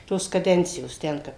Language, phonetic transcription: Lithuanian, ˈtos kaˈdencijos ˈten kap

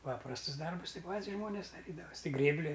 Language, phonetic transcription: Lithuanian, ˈpaprastus ˈdarbus ˈti ˈpat's ˈžmonės staˈtydavas' ti ˈgrėbli

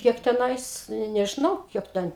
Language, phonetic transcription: Lithuanian, ˈkiek teˈnais ne nežiˈnau ˈkiek ten

